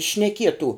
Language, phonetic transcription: Lithuanian, šneˈkietų

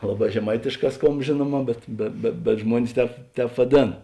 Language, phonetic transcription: Lithuanian, ˈlaˌbā žeˈmaitėšˌkā ˈskomb ˈžėnuoˌmā bet be be bet ˈžmuonis ˈtēp ˈtēp vaˈdėn

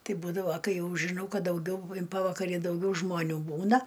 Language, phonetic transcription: Lithuanian, ˈtai ˈbūdavo ˈkai ˈjau žiˈnau ˈkad dauˈgiau in ˈpavakari dauˈgiau žmoˈnių ˈbūna

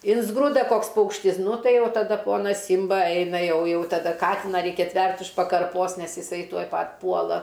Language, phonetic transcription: Lithuanian, ˈinsgruda ˈkoks ˈpaukštis ˈnu ˈtai ˈjau taˈda ˈponas ˈsymba ˈaina ˈjau ˈjau taˈda ˈkatina ˈreikia ˈstvert' už pakarˈpos ˈnes iˈsai ˈtuoj ˈpat' ˈpuola

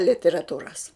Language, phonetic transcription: Lithuanian, literaˈtūras

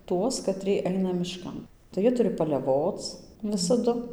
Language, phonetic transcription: Lithuanian, ˈtuos kaˈtrie ˈaina mišˈkan tai ˈjie ˈturi paleˈvoc ˈvisadu

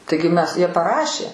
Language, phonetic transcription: Lithuanian, ˈtaigi ˈmes ˈjie paˈrašė

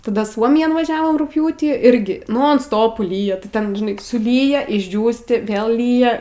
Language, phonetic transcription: Lithuanian, taˈda ˈsuomijan vaˈžiavom rugˈpjūtį ˈirgi ˈnon ˈstopu ˈlyja ti ˈten ˈžinai suˈlyja išˈdžiūsti ˈvėl ˈlyja

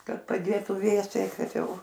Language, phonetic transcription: Lithuanian, ˈkad paˈdėtu ˈvėsiai ˈkad ˈjau

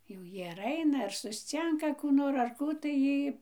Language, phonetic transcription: Lithuanian, jau ˈjy ar ˈaina ar susˈcinka kų ˈnor ar ˈkų tai ˈjy

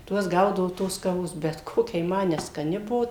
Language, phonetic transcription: Lithuanian, ˈtuos ˈgaudavu ˈtos kaˈvos ˈbet ˈkokia ji ˈma neskaˈni ˈbuo

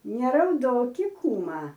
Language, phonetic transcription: Lithuanian, nerauˈdoki ˈkūma

